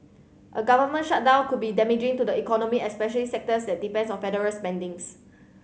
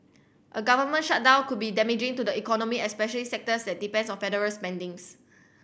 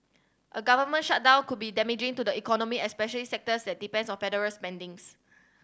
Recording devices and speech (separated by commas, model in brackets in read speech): mobile phone (Samsung C7100), boundary microphone (BM630), standing microphone (AKG C214), read sentence